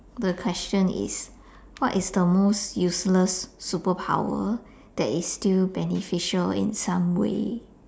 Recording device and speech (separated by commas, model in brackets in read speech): standing microphone, conversation in separate rooms